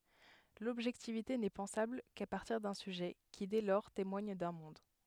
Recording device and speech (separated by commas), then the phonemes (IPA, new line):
headset microphone, read sentence
lɔbʒɛktivite nɛ pɑ̃sabl ka paʁtiʁ dœ̃ syʒɛ ki dɛ lɔʁ temwaɲ dœ̃ mɔ̃d